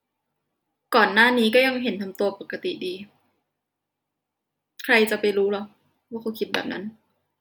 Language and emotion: Thai, frustrated